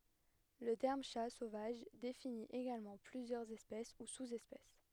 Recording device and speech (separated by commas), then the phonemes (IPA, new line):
headset microphone, read sentence
lə tɛʁm ʃa sovaʒ defini eɡalmɑ̃ plyzjœʁz ɛspɛs u suz ɛspɛs